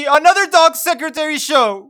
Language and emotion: English, sad